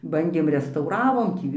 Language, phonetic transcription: Lithuanian, ˈbandėm restauˈravom ˈtį

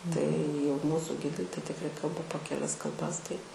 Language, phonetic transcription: Lithuanian, tai jau ˈmūsu ˈgidai tai tikˈrai ˈkalba po keˈlias kalˈbas tai

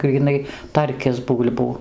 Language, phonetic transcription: Lithuanian, gryˈnai ˈtarkis ˈbūl'bų

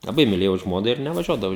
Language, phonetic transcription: Lithuanian, laˈbai miˈlėjau ˈžmona ir nevaˈžiuodavau

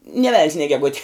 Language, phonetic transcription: Lithuanian, nė vel'n's nė geˈguti

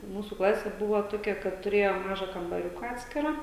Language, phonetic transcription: Lithuanian, ˈmūsų ˈklasė ˈbuvo ˈtokia kad tuˈrėjo ˈmaža kambaˈriuka ˈatskirą

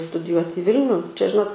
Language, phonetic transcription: Lithuanian, studiˈjuot' i ˈvilniu čia ˈžinot

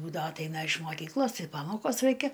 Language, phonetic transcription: Lithuanian, ˈbūdavo atˈaina iš moˈkyklos ˈtai ˈpamokos ˈraikia

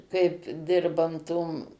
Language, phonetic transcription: Lithuanian, kaip ˈdirban tom

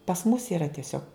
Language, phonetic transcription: Lithuanian, pas mus yˈra tieˈsiog

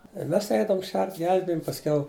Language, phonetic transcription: Lithuanian, i ˈmes ˈeidavum ˈšert ˈgelbijom pasˈkiau

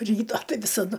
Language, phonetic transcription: Lithuanian, ˈryta ˈtai visaˈdu

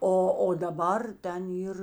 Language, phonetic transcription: Lithuanian, ˈo o daˈbar ˈten ˈyr

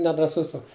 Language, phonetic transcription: Lithuanian, nedraˈsus ˈtoks

